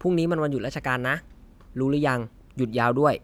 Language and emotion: Thai, neutral